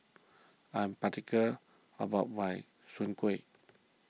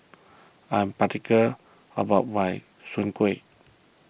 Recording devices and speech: mobile phone (iPhone 6), boundary microphone (BM630), read sentence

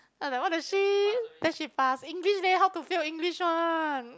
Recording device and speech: close-talking microphone, conversation in the same room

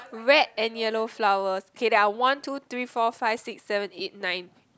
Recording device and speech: close-talking microphone, conversation in the same room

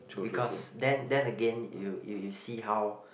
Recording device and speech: boundary microphone, conversation in the same room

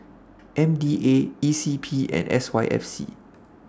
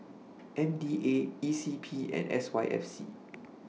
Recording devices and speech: standing microphone (AKG C214), mobile phone (iPhone 6), read sentence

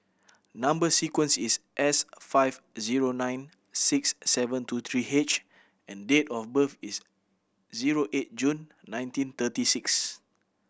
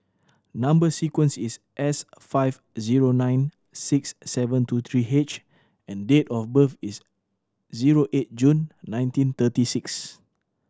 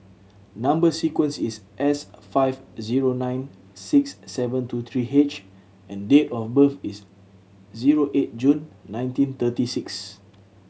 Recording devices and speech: boundary microphone (BM630), standing microphone (AKG C214), mobile phone (Samsung C7100), read sentence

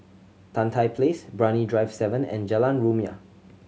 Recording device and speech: mobile phone (Samsung C7100), read sentence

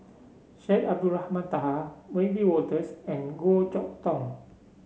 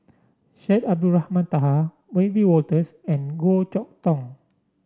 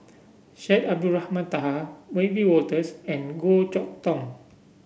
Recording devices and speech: mobile phone (Samsung C7), standing microphone (AKG C214), boundary microphone (BM630), read sentence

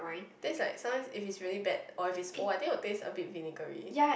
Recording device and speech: boundary microphone, conversation in the same room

